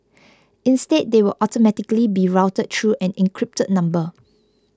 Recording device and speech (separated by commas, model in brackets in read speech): close-talking microphone (WH20), read sentence